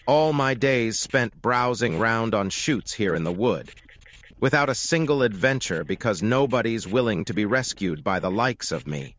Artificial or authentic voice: artificial